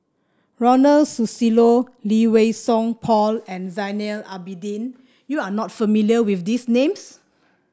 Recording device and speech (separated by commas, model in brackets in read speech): standing microphone (AKG C214), read sentence